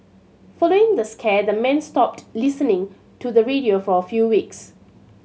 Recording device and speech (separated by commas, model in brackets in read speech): mobile phone (Samsung C7100), read sentence